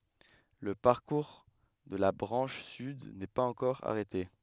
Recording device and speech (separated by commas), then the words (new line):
headset microphone, read sentence
Le parcours de la branche sud n'est pas encore arrêté.